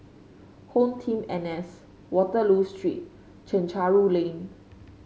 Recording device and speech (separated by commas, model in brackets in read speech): mobile phone (Samsung C5), read sentence